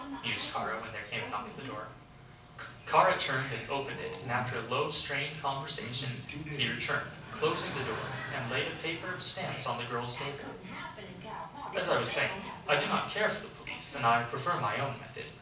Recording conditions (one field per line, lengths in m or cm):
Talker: one person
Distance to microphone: 5.8 m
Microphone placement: far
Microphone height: 1.8 m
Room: medium-sized (5.7 m by 4.0 m)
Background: television